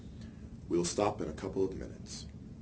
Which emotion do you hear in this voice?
neutral